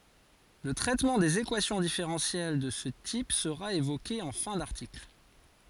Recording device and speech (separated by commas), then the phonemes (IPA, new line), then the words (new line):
forehead accelerometer, read sentence
lə tʁɛtmɑ̃ dez ekwasjɔ̃ difeʁɑ̃sjɛl də sə tip səʁa evoke ɑ̃ fɛ̃ daʁtikl
Le traitement des équations différentielles de ce type sera évoqué en fin d'article.